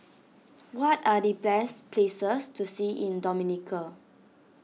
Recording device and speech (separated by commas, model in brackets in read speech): mobile phone (iPhone 6), read sentence